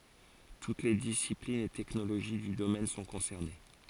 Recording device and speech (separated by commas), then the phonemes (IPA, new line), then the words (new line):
forehead accelerometer, read sentence
tut le disiplinz e tɛknoloʒi dy domɛn sɔ̃ kɔ̃sɛʁne
Toutes les disciplines et technologies du domaine sont concernées.